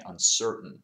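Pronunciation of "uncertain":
'Uncertain' is said in an American accent, with the R sounded in the er sound.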